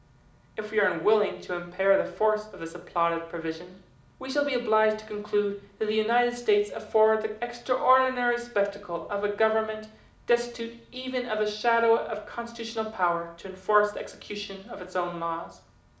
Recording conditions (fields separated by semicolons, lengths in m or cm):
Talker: one person; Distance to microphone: 2.0 m; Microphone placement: close; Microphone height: 99 cm; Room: medium-sized (5.7 m by 4.0 m); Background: none